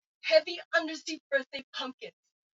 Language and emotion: English, disgusted